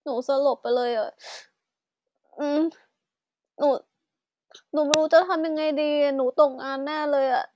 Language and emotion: Thai, sad